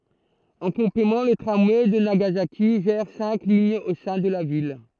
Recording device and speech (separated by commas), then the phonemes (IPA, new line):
throat microphone, read sentence
ɑ̃ kɔ̃plemɑ̃ lə tʁamwɛ də naɡazaki ʒɛʁ sɛ̃k liɲz o sɛ̃ də la vil